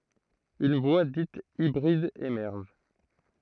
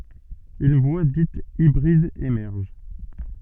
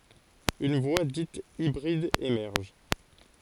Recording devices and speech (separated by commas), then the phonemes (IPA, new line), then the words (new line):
throat microphone, soft in-ear microphone, forehead accelerometer, read sentence
yn vwa dit ibʁid emɛʁʒ
Une voie dite hybride émerge.